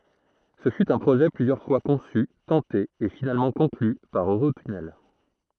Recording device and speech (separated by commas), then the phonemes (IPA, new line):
throat microphone, read sentence
sə fy œ̃ pʁoʒɛ plyzjœʁ fwa kɔ̃sy tɑ̃te e finalmɑ̃ kɔ̃kly paʁ øʁotynɛl